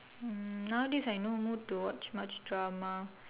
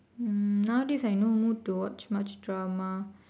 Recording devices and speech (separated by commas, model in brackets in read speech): telephone, standing microphone, conversation in separate rooms